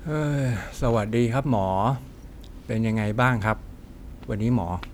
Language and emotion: Thai, frustrated